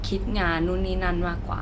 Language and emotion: Thai, neutral